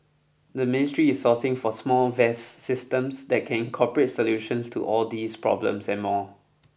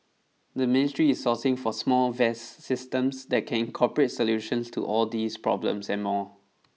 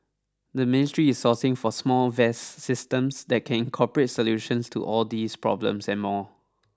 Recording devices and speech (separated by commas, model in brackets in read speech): boundary microphone (BM630), mobile phone (iPhone 6), standing microphone (AKG C214), read sentence